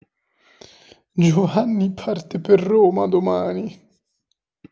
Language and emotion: Italian, sad